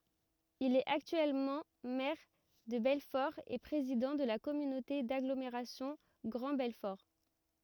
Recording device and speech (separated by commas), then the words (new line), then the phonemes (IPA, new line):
rigid in-ear microphone, read sentence
Il est actuellement maire de Belfort et président de la communauté d'agglomération Grand Belfort.
il ɛt aktyɛlmɑ̃ mɛʁ də bɛlfɔʁ e pʁezidɑ̃ də la kɔmynote daɡlomeʁasjɔ̃ ɡʁɑ̃ bɛlfɔʁ